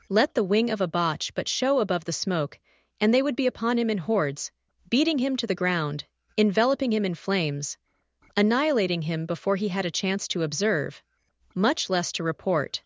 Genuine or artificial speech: artificial